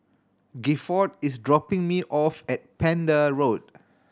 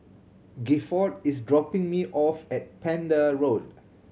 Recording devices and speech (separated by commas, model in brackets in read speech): standing microphone (AKG C214), mobile phone (Samsung C7100), read sentence